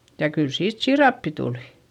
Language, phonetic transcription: Finnish, ja kyl siit siirappi tulI .
- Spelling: ja kyllä siitä siirappia tuli

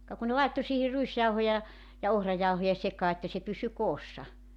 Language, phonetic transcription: Finnish, ka ku ne 'laitto siihi 'ruisjauhoja , ja 'ohrajauhoja 'sekaa että se 'pysy 'koossa .
- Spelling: ka kun ne laittoi siihen ruisjauhoja ja ohrajauhoja sekaan että se pysyi koossa

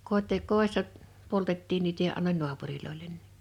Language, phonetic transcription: Finnish, 'kot́è- , 'kòessa , 'poltettiin niitä ja annoń 'nu̬apurilòilen (nii) .
- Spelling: - kodissa poltettiin niitä ja annoin naapureille niin

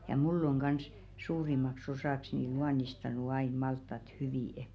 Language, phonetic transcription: Finnish, ja "mul'l ‿oŋ ɢans , 'suurimaks osàks ni 'luanistanu ain 'malttat 'hyvì' .
- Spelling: ja minulla on kanssa suurimmaksi osaksi niin luonnistanut aina maltaat hyvin

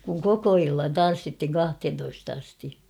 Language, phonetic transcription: Finnish, kuŋ "koko 'illan "tan̬ssithiŋ 'kahthentoist ‿asti .
- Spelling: kun koko illan tanssittiin kahteentoista asti

